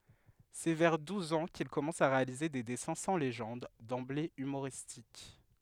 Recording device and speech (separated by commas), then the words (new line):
headset microphone, read sentence
C'est vers douze ans qu'il commence à réaliser des dessins sans légende, d'emblée humoristiques.